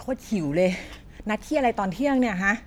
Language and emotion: Thai, frustrated